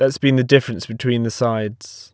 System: none